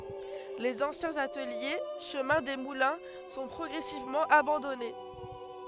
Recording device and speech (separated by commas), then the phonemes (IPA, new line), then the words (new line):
headset microphone, read sentence
lez ɑ̃sjɛ̃z atəlje ʃəmɛ̃ de mulɛ̃ sɔ̃ pʁɔɡʁɛsivmɑ̃ abɑ̃dɔne
Les anciens ateliers, chemin des Moulins, sont progressivement abandonnés.